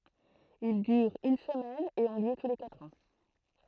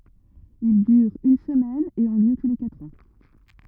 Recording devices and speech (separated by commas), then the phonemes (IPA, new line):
throat microphone, rigid in-ear microphone, read sentence
il dyʁt yn səmɛn e ɔ̃ ljø tu le katʁ ɑ̃